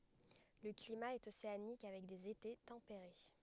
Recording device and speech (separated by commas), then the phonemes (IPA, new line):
headset microphone, read sentence
lə klima ɛt oseanik avɛk dez ete tɑ̃peʁe